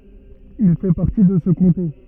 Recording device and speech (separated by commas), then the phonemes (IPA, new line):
rigid in-ear microphone, read sentence
il fɛ paʁti də sə kɔ̃te